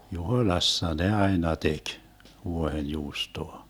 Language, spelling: Finnish, Juhoilassa ne aina teki vuohenjuustoa
- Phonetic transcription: Juhoⁱ'lassa ne 'aina 'tek , 'vuohenjuustoa .

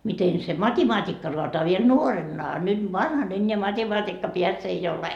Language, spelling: Finnish, miten se matematiikka raataa vielä vielä nuoremman a nyt vanhan enää matematiikkapääksi ei ole
- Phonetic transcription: miten se mat́imaat́ikka roatoa viel viel "nuoremma a nyt "vanhan eńńeä 'mat́emaat́ikkapiäks ‿ei 'ole .

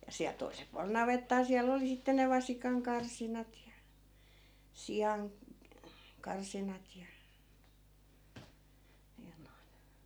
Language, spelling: Finnish, ja siellä toisella puolella navettaa siellä oli sitten ne vasikankarsinat ja - siankarsinat ja ja noin
- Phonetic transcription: ja siäˡ 'toisel pualel 'navettaa siäl'l ‿oli 'sitte ne 'vasikaŋ'karsinat ja , 'sijan- , '-karsinat ja , ja noin .

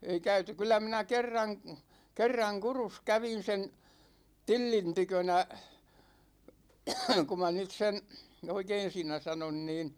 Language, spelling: Finnish, ei käyty kyllä minä kerran kerran Kurussa kävin sen Tillin tykönä kun minä nyt sen oikein siinä sanon niin
- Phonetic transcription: ei 'käyty 'kyl̆lä minä "kerraŋ , 'kerraŋ "Kurus 'kävin̬ sen , "Tillin 'tykönä , 'ku ma 'nyt sen̬ , "oikein 'siinä 'sanon niin ,.

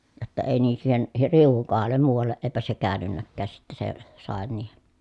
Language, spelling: Finnish, jotta ei niin siihen riu'un kohdalle muualle eipä se käynytkään sitten se sade niihin
- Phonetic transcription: jotta èi nii siihen , riuᵛuŋ kohallem muuvalleʼ ʼeepä se käänynnäkkääs sitte se , sàen niiheN .

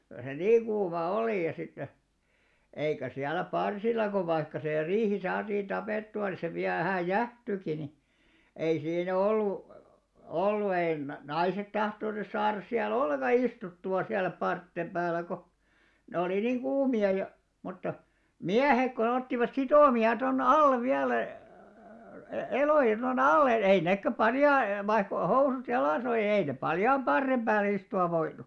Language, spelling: Finnish, kyllä se niin kuuma oli ja sitten eikä siellä parsilla kun vaikka se riihi saatiin tapettua niin se vielä vähän jäähtyikin niin ei siinä ollut ollut ei - naiset tahtonut saada siellä ollenkaan istuttua siellä parsien päällä kun ne oli niin kuumia ja mutta miehet kun ottivat sitomia tuonne alle vielä - eloja tuonne alle ei nekään - vaikka oli housut jalassa oli niin ei ne paljaan parren päälle istua voinut
- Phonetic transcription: kyl se "niiŋ 'kuumà 'oli ja sitte , 'eikä 'siällä "parsilla ko vaikka sè 'riihi saatiin "tapèttu₍a ni se 'viäˡ vähä̀j̆ "jähtyki ni , ei 'siinᵃ̈ 'ollu , 'ollu ei na- "naiset 'tahtonus saaras siä"l ‿olleḛka 'istuttu₍a siäl̆lä 'parttem ʙääl̆lä ko , 'ne oli niŋ "ɢuumi₍a ja , mutta , "miähek ko 'ottivat "sitòmi₍a ton "allev viälä , e- 'elòja to"n ‿alle , ei 'neekkä 'paljai- , vaikk ‿ol "housut 'jalàs ‿oli (ni) ei nep̆ 'paljaam 'ʙarrem 'ʙääl̆lᵉ istu₍av̆ 'voinu .

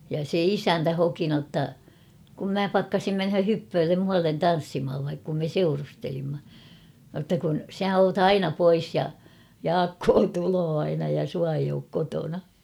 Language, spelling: Finnish, ja se isäntä hoki jotta kun minä pakkasin mennä hyppöölle muualle tanssimaan - kun me seurustelimme jotta kun sinä olet aina pois ja Jaakko tulee aina ja sinua ei ole kotona
- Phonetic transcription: ja se "isäntä 'hoki notta , kum mä 'pakkasim "menhö 'hyppööllem 'muallen "tan̬ssimhav vaik- kum me "seurustelimma , notta kun » 'sä oot ‿"aina "pois ja , "Jaakkoo 'tuloo aina ja 'sua eij ‿ook 'kotona « .

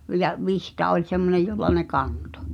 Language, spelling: Finnish, ja vitsa oli semmoinen jolla ne kantoi
- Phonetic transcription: ja "vihta oĺ semmonej jolla ne 'kantᴏ .

